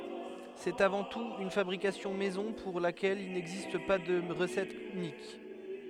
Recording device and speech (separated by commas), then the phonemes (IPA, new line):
headset microphone, read sentence
sɛt avɑ̃ tut yn fabʁikasjɔ̃ mɛzɔ̃ puʁ lakɛl il nɛɡzist pa də ʁəsɛt ynik